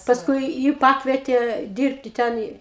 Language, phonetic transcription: Lithuanian, paˈskui ˈji ˈpakvietė ˈdyrbti ˈten i

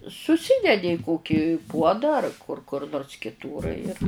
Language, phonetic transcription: Lithuanian, suˈsydedi i ˈkoki ˈpuoda ar kur kur nors kiˈtūr ir

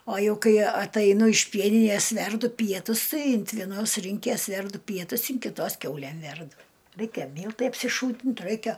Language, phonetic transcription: Lithuanian, o ˈjau ˈkai ataiˈnu iš ˈpieninės ˈverdu ˈpietus ˈtai int vieˈnos ˈrynkės ˈverdu ˈpietus in kiˈtos ˈkiaulæm ˈverdu ˈreikia ˈmyltai apsiˈšūtint ˈraikia

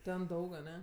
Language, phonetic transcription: Lithuanian, ˈten ˈdaug aˈne

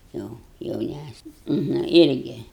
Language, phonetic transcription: Lithuanian, ˈjo jauˈnæsnia na ˈirgi

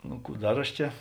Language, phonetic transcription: Lithuanian, ˈnu ˈkų ˈdar aš ˈčia

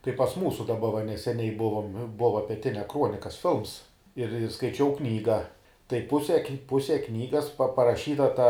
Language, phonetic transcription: Lithuanian, kai pas ˈmūsu daˈba va neseˈniai ˈbuvom ˈbuva peˈtinia ˈkruonikas ˈfilms ir ir skaiˈčiau ˈknyga tai ˈpuse ˈpuse ˈknygas paraˈšyta ta

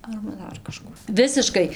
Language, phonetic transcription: Lithuanian, arba ˈdar kaˈžkų ˈvisiškai

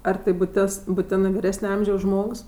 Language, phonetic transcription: Lithuanian, ar ˈtai buˈtis buˈtinɜ viˈresne ˈamžiaus ˈžmogs

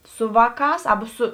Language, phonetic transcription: Lithuanian, ˈsu ˈvāˌkās ˈaba ˈsu

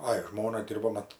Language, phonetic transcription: Lithuanian, ˈai ˈžmona ˈdirbo ˈmat

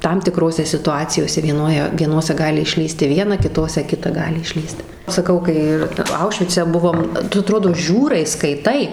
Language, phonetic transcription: Lithuanian, ˈtam tiˈkrose situˈacijose vieˈnoje vieˈnose ˈgali išˈlįsti ˈviena kiˈtose ˈkita ˈgali išˈlįst saˈkau kai ˈir ˈaušvice ˈbuvom ˈtu aˈtrodo ˈžiūrai skaiˈtai

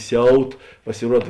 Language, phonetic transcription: Lithuanian, ˈsiaut pasiˈruod

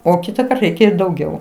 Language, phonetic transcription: Lithuanian, o ˈkitakart ˈreikia i dauˈgiau

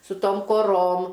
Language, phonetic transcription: Lithuanian, su ˈtom koˈrom

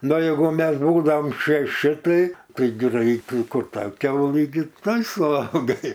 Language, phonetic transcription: Lithuanian, ˈnu ˈjegu ˈmes ˈbūdaom šeˈši ˈtai ˈtai ˈgraitai ˈkur ˈta ˈkiaulɨ gi ˈtuoj suˈvalgai

